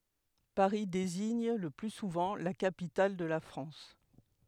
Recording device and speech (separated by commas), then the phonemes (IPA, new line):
headset microphone, read sentence
paʁi deziɲ lə ply suvɑ̃ la kapital də la fʁɑ̃s